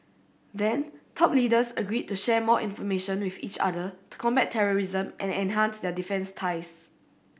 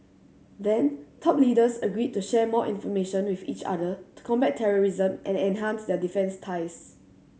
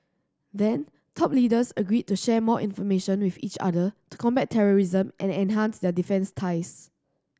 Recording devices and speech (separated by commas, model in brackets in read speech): boundary microphone (BM630), mobile phone (Samsung C7100), standing microphone (AKG C214), read sentence